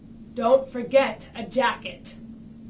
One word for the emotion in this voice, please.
angry